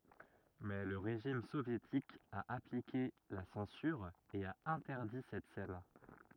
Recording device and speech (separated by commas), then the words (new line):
rigid in-ear microphone, read sentence
Mais le régime soviétique a appliqué la censure et a interdit cette scène.